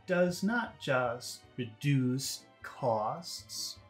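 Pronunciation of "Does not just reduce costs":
In 'Does not just reduce costs', the vowels are not all short: some vowel sounds are held long.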